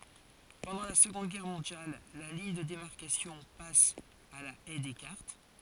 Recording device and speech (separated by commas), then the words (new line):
forehead accelerometer, read sentence
Pendant la Seconde Guerre mondiale, la ligne de démarcation passe à la Haye Descartes.